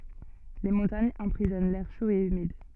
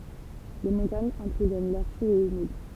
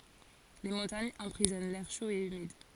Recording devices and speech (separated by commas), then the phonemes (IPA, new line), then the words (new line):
soft in-ear microphone, temple vibration pickup, forehead accelerometer, read sentence
le mɔ̃taɲz ɑ̃pʁizɔn lɛʁ ʃo e ymid
Les montagnes emprisonnent l'air chaud et humide.